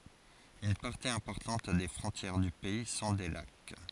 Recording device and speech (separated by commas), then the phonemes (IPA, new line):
forehead accelerometer, read sentence
yn paʁti ɛ̃pɔʁtɑ̃t de fʁɔ̃tjɛʁ dy pɛi sɔ̃ de lak